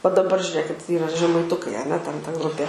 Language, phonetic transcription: Lithuanian, va daˈbar žiuˈrėkit ˈyra žemaiˈtukai aˈne ten ta ˈgrupie

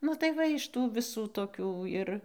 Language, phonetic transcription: Lithuanian, nu tai ˈva iš ˈtų viˈsų toˈkių ir

